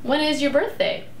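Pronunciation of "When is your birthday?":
"When is your birthday?" is said with a rising intonation and sounds very friendly.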